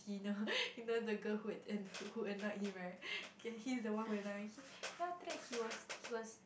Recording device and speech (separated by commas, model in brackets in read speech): boundary microphone, conversation in the same room